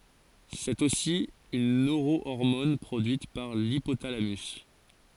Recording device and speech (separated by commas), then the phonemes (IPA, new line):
forehead accelerometer, read sentence
sɛt osi yn nøʁoɔʁmɔn pʁodyit paʁ lipotalamys